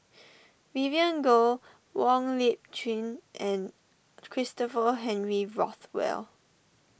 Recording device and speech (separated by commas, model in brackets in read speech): boundary microphone (BM630), read sentence